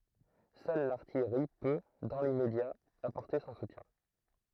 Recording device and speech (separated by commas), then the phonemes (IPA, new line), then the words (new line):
throat microphone, read sentence
sœl laʁtijʁi pø dɑ̃ limmedja apɔʁte sɔ̃ sutjɛ̃
Seule l'artillerie peut, dans l'immédiat, apporter son soutien.